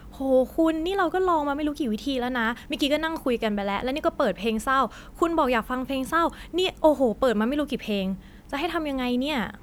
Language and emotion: Thai, frustrated